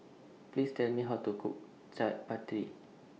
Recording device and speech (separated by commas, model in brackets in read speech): mobile phone (iPhone 6), read sentence